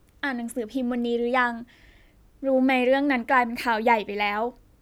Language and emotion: Thai, neutral